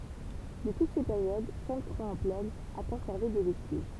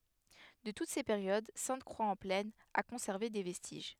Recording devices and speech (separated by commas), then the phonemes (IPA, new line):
temple vibration pickup, headset microphone, read sentence
də tut se peʁjod sɛ̃tkʁwaksɑ̃plɛn a kɔ̃sɛʁve de vɛstiʒ